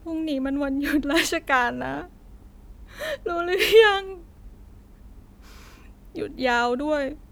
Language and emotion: Thai, sad